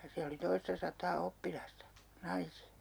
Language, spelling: Finnish, ja siellä oli toista sataa oppilasta naisia
- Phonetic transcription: ja 'siä oli 'toista sat̀aa 'oppilasta , 'naisi₍(a) .

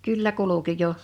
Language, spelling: Finnish, kyllä kulki jo
- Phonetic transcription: 'kyllä 'kuluki 'jo .

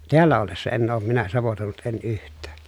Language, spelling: Finnish, täällä ollessa en ole minä savotoinut en yhtään
- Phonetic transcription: teällä ollessa enn ‿oom minä savotòi̮nut en yht̀ää .

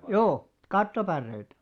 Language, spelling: Finnish, joo kattopäreitä
- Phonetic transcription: joo , 'kattopärreitä .

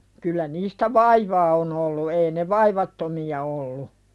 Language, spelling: Finnish, kyllä niistä vaivaa on ollut ei ne vaivattomia ollut
- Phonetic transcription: kyllä niistä "vaivaa on ‿ollu ei ne 'vaivattomi₍a ollu .

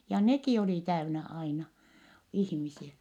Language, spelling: Finnish, ja nekin oli täynnä aina ihmisiä
- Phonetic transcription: ja nekì olì täynä aina , ihmisiä .

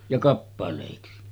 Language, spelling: Finnish, ja kappaleiksi
- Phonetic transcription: ja 'kappalèiksi .

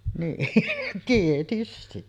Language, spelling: Finnish, niin tietysti
- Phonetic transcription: niin 'tietysti .

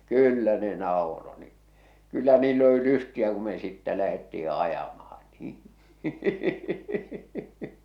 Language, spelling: Finnish, kyllä ne nauroi niin kyllä niillä oli lystiä kun me sitten lähdettiin ajamaan niin
- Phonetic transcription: kyyllä ne nàoro ni , kyllä niill ‿oli 'lystiä ku me sittä lähetti₍i 'ajamah̬ᴀɴ nii .

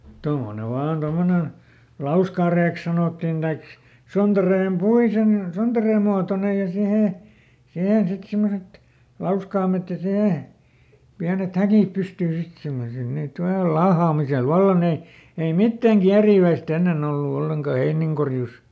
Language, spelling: Finnish, tuommoinen vain tuommoinen lauskareeksi sanottiin tai sontareen - sontareen muotoinen ja siihen siihen sitten semmoiset lauskaimet ja siihen pienet häkit pystyyn sitten semmoisilla niitä - laahaamisella vallan ne ei mitään kieriväistä ennen ollut ollenkaan heinienkorjuussa
- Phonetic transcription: ˈtommone ˈvaan ˈtommonen̬ , "lauskàreeks sanòttin Daik , ˈsontareem "puisen- , ˈsontareem muatonej ja ˈsihè , ˈsihen ˈsit ˈsimmoset , "lauskaamet ja ˈsihè , ˈpiänet "häkìp ˈpystyy sit ˈsimmosil niit ˈval- , "laahaamisel "valla ne , ei "mittäŋ ˈkiäriiväisˈt ‿ennen ‿ollu ˈolleŋka ˈheiniŋkorjus .

